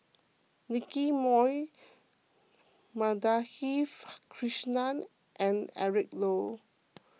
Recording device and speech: mobile phone (iPhone 6), read sentence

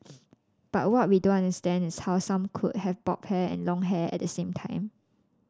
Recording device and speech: standing microphone (AKG C214), read sentence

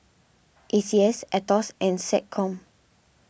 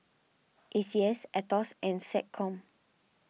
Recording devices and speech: boundary microphone (BM630), mobile phone (iPhone 6), read sentence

